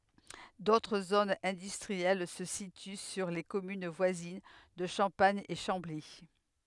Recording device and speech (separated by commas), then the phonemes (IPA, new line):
headset microphone, read sentence
dotʁ zonz ɛ̃dystʁiɛl sə sity syʁ le kɔmyn vwazin də ʃɑ̃paɲ e ʃɑ̃bli